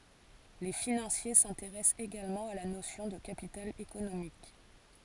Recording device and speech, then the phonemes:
forehead accelerometer, read sentence
le finɑ̃sje sɛ̃teʁɛst eɡalmɑ̃ a la nosjɔ̃ də kapital ekonomik

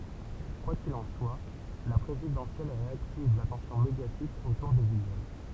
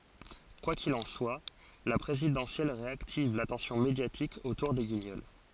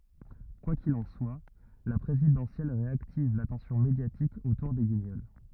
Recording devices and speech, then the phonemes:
temple vibration pickup, forehead accelerometer, rigid in-ear microphone, read sentence
kwa kil ɑ̃ swa la pʁezidɑ̃sjɛl ʁeaktiv latɑ̃sjɔ̃ medjatik otuʁ de ɡiɲɔl

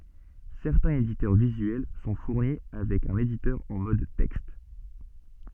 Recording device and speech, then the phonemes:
soft in-ear microphone, read sentence
sɛʁtɛ̃z editœʁ vizyɛl sɔ̃ fuʁni avɛk œ̃n editœʁ ɑ̃ mɔd tɛkst

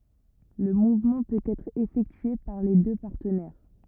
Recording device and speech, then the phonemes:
rigid in-ear microphone, read sentence
lə muvmɑ̃ pøt ɛtʁ efɛktye paʁ le dø paʁtənɛʁ

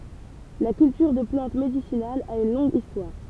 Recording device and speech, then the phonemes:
temple vibration pickup, read sentence
la kyltyʁ də plɑ̃t medisinalz a yn lɔ̃ɡ istwaʁ

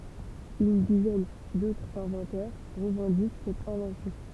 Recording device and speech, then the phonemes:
temple vibration pickup, read sentence
yn dizɛn dotʁz ɛ̃vɑ̃tœʁ ʁəvɑ̃dik sɛt ɛ̃vɑ̃sjɔ̃

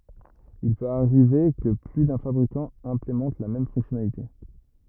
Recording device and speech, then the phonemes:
rigid in-ear microphone, read sentence
il pøt aʁive kə ply dœ̃ fabʁikɑ̃ ɛ̃plemɑ̃t la mɛm fɔ̃ksjɔnalite

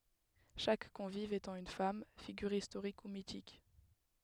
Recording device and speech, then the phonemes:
headset microphone, read sentence
ʃak kɔ̃viv etɑ̃ yn fam fiɡyʁ istoʁik u mitik

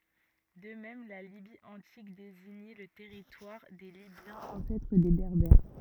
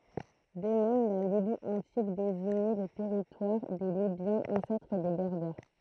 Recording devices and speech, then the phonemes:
rigid in-ear microphone, throat microphone, read sentence
də mɛm la libi ɑ̃tik deziɲɛ lə tɛʁitwaʁ de libjɑ̃z ɑ̃sɛtʁ de bɛʁbɛʁ

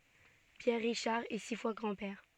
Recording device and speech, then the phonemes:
soft in-ear microphone, read sentence
pjɛʁ ʁiʃaʁ ɛ si fwa ɡʁɑ̃dpɛʁ

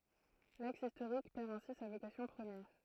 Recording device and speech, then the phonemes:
throat microphone, read sentence
laks istoʁik pɛʁ ɛ̃si sa vokasjɔ̃ pʁəmjɛʁ

